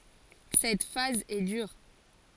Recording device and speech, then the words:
forehead accelerometer, read sentence
Cette phase est dure.

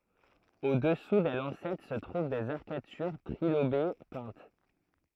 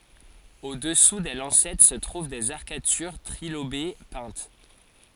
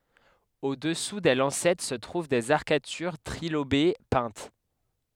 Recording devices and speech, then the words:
throat microphone, forehead accelerometer, headset microphone, read sentence
Au-dessous des lancettes se trouvent des arcatures trilobées peintes.

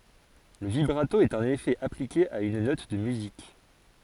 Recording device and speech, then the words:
forehead accelerometer, read sentence
Le vibrato est un effet appliqué à une note de musique.

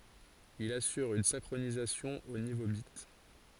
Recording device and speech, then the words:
forehead accelerometer, read sentence
Il assure une synchronisation au niveau bit.

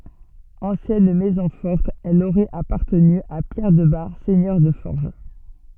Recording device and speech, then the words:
soft in-ear microphone, read sentence
Ancienne maison forte, elle aurait appartenu à Pierre de Bar, seigneur de Forges.

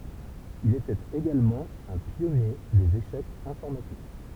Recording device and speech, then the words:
temple vibration pickup, read sentence
Il était également un pionnier des échecs informatiques.

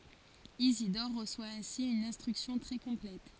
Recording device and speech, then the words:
forehead accelerometer, read sentence
Isidore reçoit ainsi une instruction très complète.

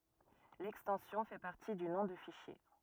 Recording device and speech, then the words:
rigid in-ear microphone, read sentence
L'extension fait partie du nom de fichier.

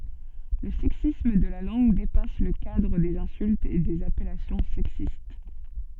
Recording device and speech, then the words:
soft in-ear microphone, read sentence
Le sexisme de la langue dépasse le cadre des insultes et des appellations sexistes.

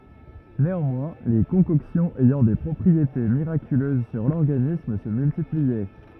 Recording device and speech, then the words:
rigid in-ear microphone, read sentence
Néanmoins, les concoctions ayant des propriétés miraculeuses sur l'organisme se multipliaient.

